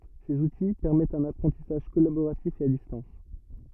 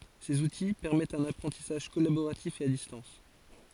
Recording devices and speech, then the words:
rigid in-ear microphone, forehead accelerometer, read sentence
Ces outils, permettent un apprentissage collaboratif et à distance.

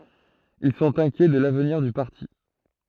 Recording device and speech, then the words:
throat microphone, read sentence
Ils sont inquiets de l'avenir du parti.

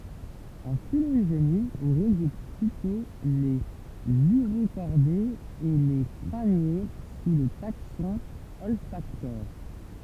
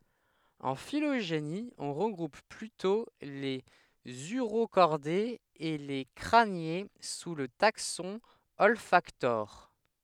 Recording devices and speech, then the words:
temple vibration pickup, headset microphone, read sentence
En phylogénie, on regroupe plutôt les Urocordés et les Crâniés sous le taxon Olfactores.

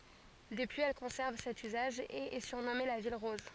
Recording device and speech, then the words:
forehead accelerometer, read sentence
Depuis, elle conserve cet usage et est surnommée la ville rose.

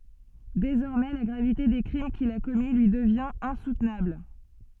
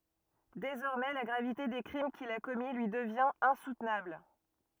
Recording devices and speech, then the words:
soft in-ear microphone, rigid in-ear microphone, read sentence
Désormais, la gravité des crimes qu'il a commis lui devient insoutenable.

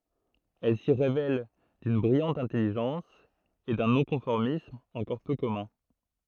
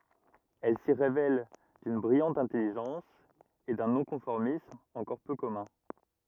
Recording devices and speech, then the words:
throat microphone, rigid in-ear microphone, read sentence
Elle s'y révèle d'une brillante intelligence et d'un non-conformisme encore peu commun.

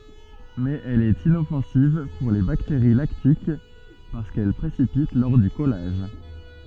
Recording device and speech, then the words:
soft in-ear microphone, read sentence
Mais elle est inoffensive pour les bactéries lactiques parce qu’elle précipite lors du collage.

